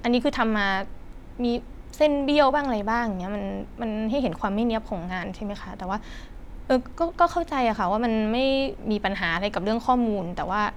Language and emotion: Thai, frustrated